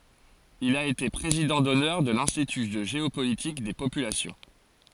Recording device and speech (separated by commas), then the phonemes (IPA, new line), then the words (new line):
forehead accelerometer, read sentence
il a ete pʁezidɑ̃ dɔnœʁ də lɛ̃stity də ʒeopolitik de popylasjɔ̃
Il a été président d'honneur de l'Institut de géopolitique des populations.